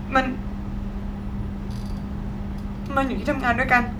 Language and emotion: Thai, sad